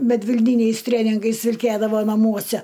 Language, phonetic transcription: Lithuanian, medvilˈnyniais ˈtrėningais vilˈkėdavo naˈmuose

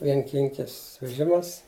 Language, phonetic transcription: Lithuanian, vienˈkinkis veˈžimas

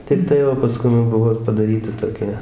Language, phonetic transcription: Lithuanian, tikˈtai o paˈskum jau ˈbuvo ir padaˈryta toˈkia

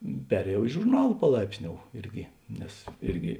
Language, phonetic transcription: Lithuanian, ˈperėjau i žurˈnal paˈlaipsˌniou ˈirgi ˈnes ˈirgi

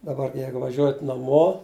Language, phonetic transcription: Lithuanian, daˈbar ˈjeigu vaˈžiuojat naˈmo

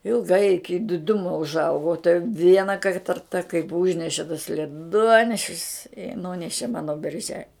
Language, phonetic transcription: Lithuanian, ilgˈai iˈki diˈdumo užˈaugo o tai ˈviena kai ˈtarta kaip ˈūžneše tas leˈduonešis i ˈnūneši ˈmano berˈže

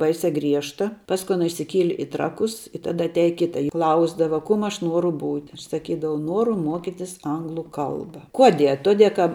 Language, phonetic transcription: Lithuanian, ˈbaisia ˈgriežta ˈpasku ˈana išsiˈkieli i ˈtrakus i ˈtada atˈiaje ˈkita i ˈklausdava ˈkum ˈaš ˈnuoru ˈbūti ˈaš saˈkydavau ˈnuoru ˈmuokitis ˈanglu ˈkalba ˈkuoˌdie a ˈtuoˌdie ka

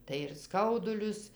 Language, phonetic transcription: Lithuanian, tai ir ˈskaudulius

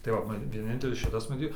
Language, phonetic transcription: Lithuanian, tai ˈva man vieˈnintelis ˈšitas maˈtyt

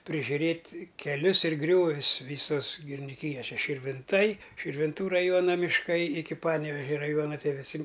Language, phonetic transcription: Lithuanian, prižiuˈrėt' keˈlius ir ˈgriovius ˈvysos giriniˈkyjos ˈše širvinˈtai širvinˈtų raˈjuona mišˈkai iki ˈpanevežia raˈjuona tie viˈsi

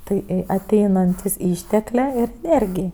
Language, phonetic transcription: Lithuanian, ˈtai i aˈteinantis ˈišteklė ir eˈnėrgij

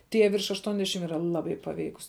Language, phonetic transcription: Lithuanian, ˈtie virš ašˈtuonˌdešim yˈra ˈlaˌbai paˈveikus

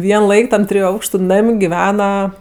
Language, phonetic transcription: Lithuanian, ˈvien ˈlaik tam ˈtriju ˈaukštu ˈnam' giˈvena

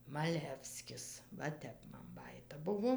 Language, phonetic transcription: Lithuanian, maˈlevskis va ˈtep man ˈbajyta ˈbuvo

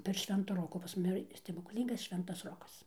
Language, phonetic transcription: Lithuanian, per ˈšvento ˈroko pas ˈmumi yˈra stebuklˈyngas ˈšventas ˈrokas

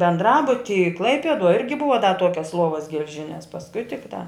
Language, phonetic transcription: Lithuanian, bendˈrabutyj ˈklaipieduoj ˈirgi ˈbuva da ˈtuokias ˈluovas gelˈžines pasˈkui tikˈtā

